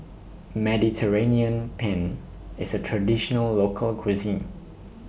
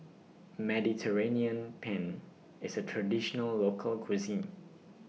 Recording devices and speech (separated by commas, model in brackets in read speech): boundary microphone (BM630), mobile phone (iPhone 6), read sentence